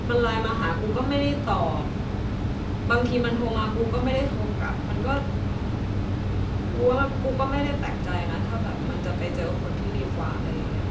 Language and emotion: Thai, frustrated